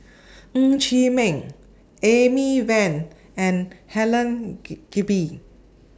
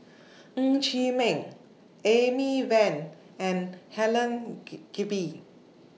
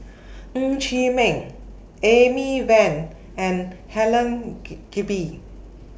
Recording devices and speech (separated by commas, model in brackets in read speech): standing microphone (AKG C214), mobile phone (iPhone 6), boundary microphone (BM630), read sentence